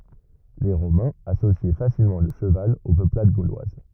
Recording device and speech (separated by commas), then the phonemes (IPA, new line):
rigid in-ear microphone, read sentence
le ʁomɛ̃z asosjɛ fasilmɑ̃ lə ʃəval o pøplad ɡolwaz